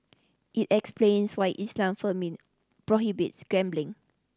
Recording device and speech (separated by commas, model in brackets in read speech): standing microphone (AKG C214), read sentence